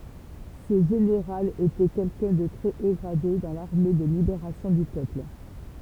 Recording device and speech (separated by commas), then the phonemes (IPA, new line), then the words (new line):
temple vibration pickup, read sentence
sə ʒeneʁal etɛ kɛlkœ̃ də tʁɛ o ɡʁade dɑ̃ laʁme də libeʁasjɔ̃ dy pøpl
Ce général était quelqu'un de très haut gradé dans l'armée de Libération du Peuple.